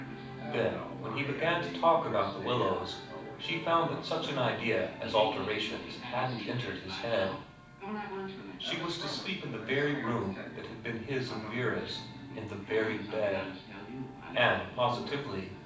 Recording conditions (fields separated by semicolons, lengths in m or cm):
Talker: one person; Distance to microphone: 5.8 m; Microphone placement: far; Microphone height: 1.8 m; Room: medium-sized (5.7 m by 4.0 m); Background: television